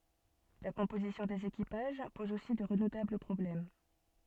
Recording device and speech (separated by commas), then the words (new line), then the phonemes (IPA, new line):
soft in-ear microphone, read sentence
La composition des équipages pose aussi de redoutables problèmes.
la kɔ̃pozisjɔ̃ dez ekipaʒ pɔz osi də ʁədutabl pʁɔblɛm